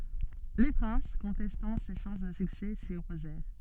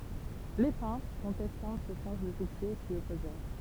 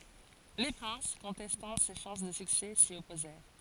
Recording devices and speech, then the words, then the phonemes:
soft in-ear microphone, temple vibration pickup, forehead accelerometer, read sentence
Les princes, contestant ses chances de succès, s'y opposèrent.
le pʁɛ̃s kɔ̃tɛstɑ̃ se ʃɑ̃s də syksɛ si ɔpozɛʁ

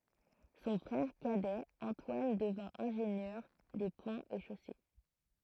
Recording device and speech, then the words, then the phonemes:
throat microphone, read sentence
Son frère cadet Antoine devint ingénieur des ponts et chaussées.
sɔ̃ fʁɛʁ kadɛ ɑ̃twan dəvɛ̃ ɛ̃ʒenjœʁ de pɔ̃z e ʃose

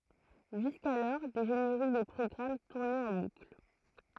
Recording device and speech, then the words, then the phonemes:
throat microphone, read sentence
Jusqu'alors, des génériques des programmes tournaient en boucle.
ʒyskalɔʁ de ʒeneʁik de pʁɔɡʁam tuʁnɛt ɑ̃ bukl

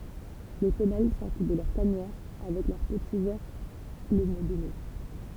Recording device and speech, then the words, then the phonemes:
temple vibration pickup, read sentence
Les femelles sortent de leur tanière avec leurs petits vers le mois de mai.
le fəmɛl sɔʁt də lœʁ tanjɛʁ avɛk lœʁ pəti vɛʁ lə mwa də mɛ

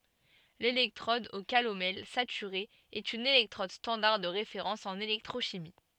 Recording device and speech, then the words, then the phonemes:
soft in-ear microphone, read sentence
L'électrode au calomel saturée est une électrode standard de référence en électrochimie.
lelɛktʁɔd o kalomɛl satyʁe ɛt yn elɛktʁɔd stɑ̃daʁ də ʁefeʁɑ̃s ɑ̃n elɛktʁoʃimi

